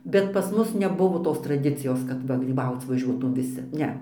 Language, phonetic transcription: Lithuanian, bet pas ˈmus neˈbuvo ˈtos traˈdicijos kad ˈva gryˈbauc vaˈžiuotūm viˈsi ˈne

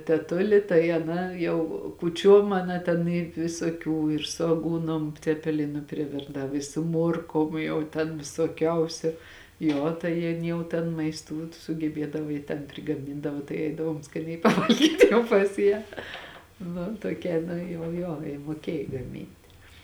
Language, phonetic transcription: Lithuanian, teˈtuli tai aˈna jau kūˈčiuom aˈna ten i visoˈkių ir su aˈgūnom cepeˈlinu priˈvirdav i su ˈmuorkom jau ˈten visoˈkiausiu ˈjo tai ˈjin ˈjau ten maisˈtų sugeˈbiedava ji ten prigaˈmindava tai ˈeidavom skaˈniai paˈvalgyt jau pas ˈją ˈnu toˈkia ˈnu jau ˈjo ji muoˈkiej gaˈminti

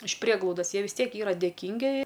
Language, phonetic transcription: Lithuanian, iš ˈprieglaudas ˈjie vis ˈtiek ˈyra dėˈkyngi

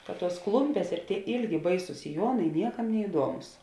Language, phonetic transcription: Lithuanian, kad ˈtuos ˈklumpės ir tie ˈilgi ˈbaisus siˈjuonai ˈniekam neiˈduomus

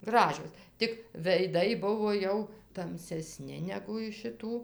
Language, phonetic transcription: Lithuanian, ˈgražios tik veiˈdai ˈbuvo ˈjau tamseˈsni negu iš šiˈtų

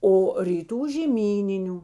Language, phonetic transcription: Lithuanian, o ryˈtų žėˈmyniniu

